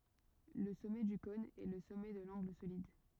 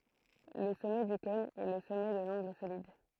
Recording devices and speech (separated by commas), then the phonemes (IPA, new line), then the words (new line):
rigid in-ear microphone, throat microphone, read sentence
lə sɔmɛ dy kɔ̃n ɛ lə sɔmɛ də lɑ̃ɡl solid
Le sommet du cône est le sommet de l’angle solide.